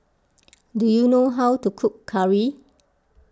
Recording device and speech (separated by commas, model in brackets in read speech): close-talking microphone (WH20), read sentence